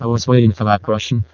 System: VC, vocoder